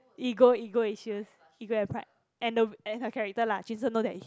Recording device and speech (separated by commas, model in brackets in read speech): close-talking microphone, conversation in the same room